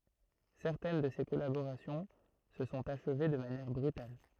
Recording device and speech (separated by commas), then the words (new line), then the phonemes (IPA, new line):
throat microphone, read sentence
Certaines de ces collaborations se sont achevées de manière brutale.
sɛʁtɛn də se kɔlaboʁasjɔ̃ sə sɔ̃t aʃve də manjɛʁ bʁytal